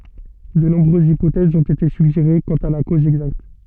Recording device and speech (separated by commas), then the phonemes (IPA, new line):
soft in-ear microphone, read sentence
də nɔ̃bʁøzz ipotɛzz ɔ̃t ete syɡʒeʁe kɑ̃t a la koz ɛɡzakt